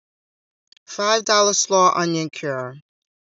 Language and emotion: English, neutral